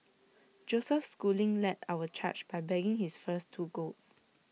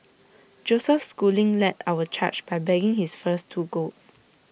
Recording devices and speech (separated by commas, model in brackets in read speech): mobile phone (iPhone 6), boundary microphone (BM630), read sentence